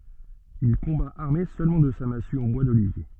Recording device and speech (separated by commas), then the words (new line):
soft in-ear microphone, read sentence
Il combat armé seulement de sa massue en bois d'olivier.